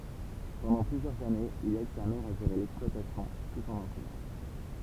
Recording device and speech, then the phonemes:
temple vibration pickup, read sentence
pɑ̃dɑ̃ plyzjœʁz anez il ɛd sa mɛʁ a ʒeʁe lɛksplwatasjɔ̃ tut ɑ̃n ɑ̃sɛɲɑ̃

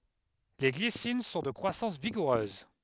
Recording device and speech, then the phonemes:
headset microphone, read sentence
le ɡlisin sɔ̃ də kʁwasɑ̃s viɡuʁøz

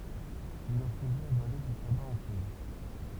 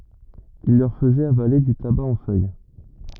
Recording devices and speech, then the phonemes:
temple vibration pickup, rigid in-ear microphone, read sentence
il lœʁ fəzɛt avale dy taba ɑ̃ fœj

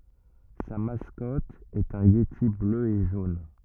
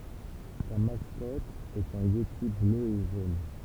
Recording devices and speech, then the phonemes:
rigid in-ear microphone, temple vibration pickup, read sentence
sa maskɔt ɛt œ̃ jeti blø e ʒon

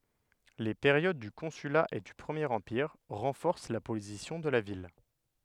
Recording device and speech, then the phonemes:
headset microphone, read sentence
le peʁjod dy kɔ̃syla e dy pʁəmjeʁ ɑ̃piʁ ʁɑ̃fɔʁs la pozisjɔ̃ də la vil

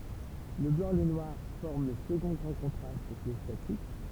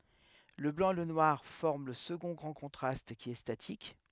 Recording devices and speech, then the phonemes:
temple vibration pickup, headset microphone, read sentence
lə blɑ̃ e lə nwaʁ fɔʁm lə səɡɔ̃ ɡʁɑ̃ kɔ̃tʁast ki ɛ statik

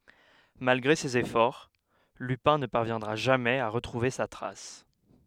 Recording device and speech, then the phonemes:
headset microphone, read sentence
malɡʁe sez efɔʁ lypɛ̃ nə paʁvjɛ̃dʁa ʒamɛz a ʁətʁuve sa tʁas

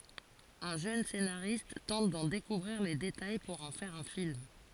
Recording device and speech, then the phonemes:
forehead accelerometer, read sentence
œ̃ ʒøn senaʁist tɑ̃t dɑ̃ dekuvʁiʁ le detaj puʁ ɑ̃ fɛʁ œ̃ film

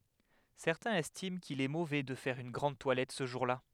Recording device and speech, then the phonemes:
headset microphone, read sentence
sɛʁtɛ̃z ɛstim kil ɛ movɛ də fɛʁ yn ɡʁɑ̃d twalɛt sə ʒuʁla

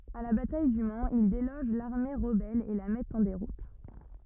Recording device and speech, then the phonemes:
rigid in-ear microphone, read sentence
a la bataj dy manz il deloʒ laʁme ʁəbɛl e la mɛtt ɑ̃ deʁut

